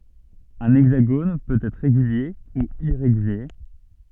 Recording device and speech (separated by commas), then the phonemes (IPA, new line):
soft in-ear microphone, read sentence
œ̃ ɛɡzaɡon pøt ɛtʁ ʁeɡylje u iʁeɡylje